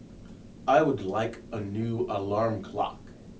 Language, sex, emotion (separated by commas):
English, male, neutral